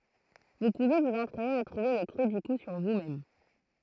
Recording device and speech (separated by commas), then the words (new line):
throat microphone, read sentence
Vous pouvez vous entraîner à trouver le creux du cou sur vous-même.